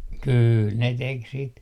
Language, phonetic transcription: Finnish, 'kyyl ne 'tek sit .
- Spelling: kyllä ne teki sitä

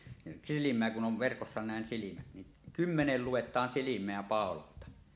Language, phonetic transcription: Finnish, nin 'silim̀eä kun 'on̳ 'verkossa nä̀en "silimät ni , "kymmenel "lu₍et̀aan "silim̀eä 'pàololta .
- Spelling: niin silmää kun on verkossa näin silmät niin kymmenelle luetaan silmää paulalta

